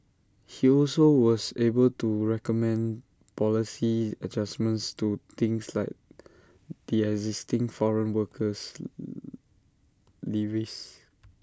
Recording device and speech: standing microphone (AKG C214), read sentence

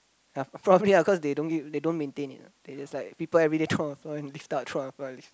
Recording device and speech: close-talking microphone, conversation in the same room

